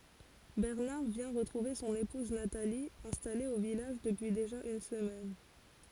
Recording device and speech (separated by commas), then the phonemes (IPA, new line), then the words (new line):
forehead accelerometer, read sentence
bɛʁnaʁ vjɛ̃ ʁətʁuve sɔ̃n epuz natali ɛ̃stale o vilaʒ dəpyi deʒa yn səmɛn
Bernard vient retrouver son épouse Nathalie, installée au village depuis déjà une semaine.